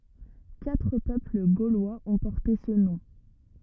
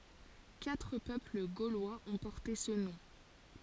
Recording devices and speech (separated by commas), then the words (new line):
rigid in-ear microphone, forehead accelerometer, read sentence
Quatre peuples gaulois ont porté ce nom.